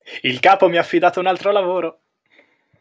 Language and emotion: Italian, happy